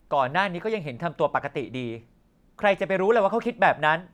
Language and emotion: Thai, angry